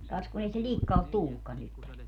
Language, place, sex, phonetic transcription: Finnish, Padasjoki, female, 'kas kun ‿ei se "ĺikka ot "tullukkan nyt (tänne) .
- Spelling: kas kun ei se likka ole tullutkaan nyt tänne

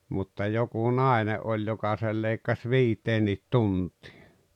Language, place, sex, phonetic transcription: Finnish, Rautalampi, male, mutta 'joku "nàene’ '’oĺ joka sei 'leikkas "viit̀eennit "tuntɪɪ .
- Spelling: mutta joku nainen oli joka sen leikkasi viiteenkin tuntiin

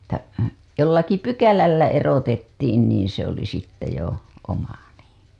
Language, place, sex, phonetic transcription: Finnish, Hailuoto, female, että , 'jollaki "pykälällä 'erotettiin niiḭ se ‿oli sitte jo , 'oma nii .
- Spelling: että jollakin pykälällä erotettiin niin se oli sitten jo oma niin

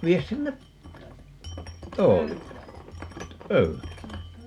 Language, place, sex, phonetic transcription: Finnish, Paavola, male, 'vies sinne , "toolille , "pöy₍älle .
- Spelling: vie sinne tuolille pöydälle

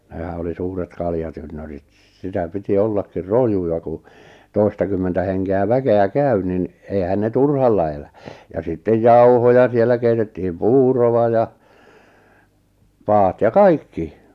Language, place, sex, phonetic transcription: Finnish, Lappajärvi, male, nehä oli 'suuret 'kaljatynnörit s̥̄ , sitä piti 'ollakkir "rojuja ku , 'toi̬stakymmentä heŋke₍ä 'väke₍ä "käy nin , eihän 'ne "turhalla elä , ja sittej "jauhoja 'siellä keitettihim "puurova ja , 'paat ja "kaikki .
- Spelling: nehän oli suuret kaljatynnyrit se sitä piti ollakin rojuja kun toistakymmentä henkeä väkeä käy niin eihän ne turhalla elä ja sitten jauhoja siellä keitettiin puuroa ja padat ja kaikki

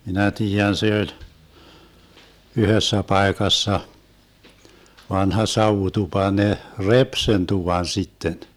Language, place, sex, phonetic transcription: Finnish, Vermlanti, male, minä 'tiijän se 'oĺ , 'yhössä 'paekassa , 'vanha 'sauvutupa 'ne , "rep sen 'tuvan 'sitten .
- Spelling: minä tiedän se oli yhdessä paikassa vanha savutupa ne repi sen tuvan sitten

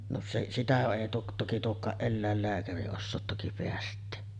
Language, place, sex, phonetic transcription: Finnish, Sotkamo, female, no se’ , 'sitä èi tuo- , toki 'tuok̆kaaˀ "ˀellä̀ellääkäri ossoot toki peäst̆tee .
- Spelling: no se sitä ei - toki tuokaan eläinlääkäri osaa toki päästää

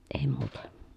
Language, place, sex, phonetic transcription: Finnish, Pielisjärvi, female, èi muutA .
- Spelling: ei muuta

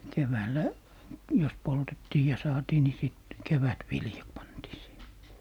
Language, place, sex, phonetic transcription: Finnish, Lappee, male, 'keväällä , jos 'poltettii ja 'saatii ni sit , "kevätviljat 'pantii siihe .
- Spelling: keväällä jos poltettiin ja saatiin niin sitten kevätviljat pantiin siihen

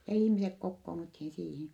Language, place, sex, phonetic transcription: Finnish, Vittanki, female, ja ihmisek kokkoonuthin siihin̬ .
- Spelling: ja ihmiset kokoonnuttiin siihen

